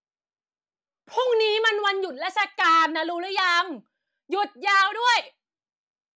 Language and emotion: Thai, angry